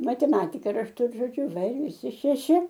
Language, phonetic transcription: Lithuanian, mateˈmatika rašˈtu ir žoˈdžiu ˈva ir viˈsi šeˈši

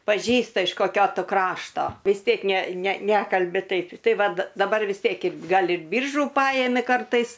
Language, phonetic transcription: Lithuanian, paˈžįsta iš koˈkio ˈtu ˈkrašto vis ˈtiek ne ne ˈnekalbi ˈtaip ˈtai ˈvat daˈbar vis ˈtiek ir ˈgal ir ˈbyržu ˈpajemi ˈkartais

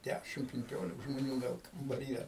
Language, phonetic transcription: Lithuanian, ˈdæšim pinˈkiolik žmoˈnių ˈgal kambaˈryje

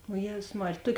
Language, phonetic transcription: Lithuanian, o ˈjėzus ˈmarėj ˈtuok'

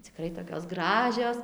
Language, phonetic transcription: Lithuanian, ciˈkrai tokios ˈgražios

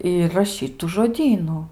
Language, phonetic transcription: Lithuanian, ˈir raˈšyt tu žoˈdynu

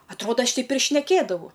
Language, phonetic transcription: Lithuanian, atˈroda ˈaš ˈteip ir šneˈkėdavau

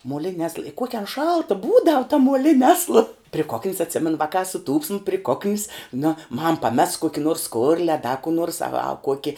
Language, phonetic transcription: Lithuanian, muoˈlini asl i ˈkuoki an ˈšalta ˈbūdav ta muoˈlini ˈasla pri kok'n's atˈsimenu ˈvakā suˈtūpsim pri ˈkok'n's nu mam paˈmes ˈkuoki nors ˈskorli a da kų 'nuors a va ˈkuoki

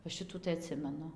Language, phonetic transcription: Lithuanian, va ˈšitų tai aˈtsimenu

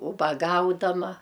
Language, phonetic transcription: Lithuanian, ubaˈgaudama

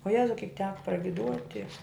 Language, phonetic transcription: Lithuanian, o ˈjezau ˈkik ˈteka pragiˈduoti

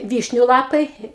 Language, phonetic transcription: Lithuanian, ˈvyšniu ˈlapai

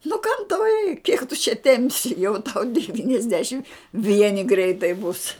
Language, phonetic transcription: Lithuanian, nu kam tau reik kiek tu čia ˈtempsi jau tau devyniasˈdešim ˈvieni ˈgreitai bus

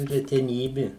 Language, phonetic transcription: Lithuanian, reteˈnybi

